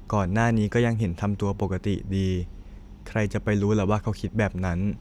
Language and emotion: Thai, neutral